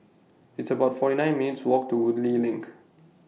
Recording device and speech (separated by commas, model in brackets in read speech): mobile phone (iPhone 6), read sentence